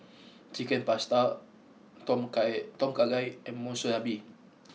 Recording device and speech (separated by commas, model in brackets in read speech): mobile phone (iPhone 6), read sentence